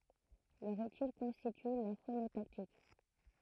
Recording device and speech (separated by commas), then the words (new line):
throat microphone, read sentence
Leur étude constitue la phonotactique.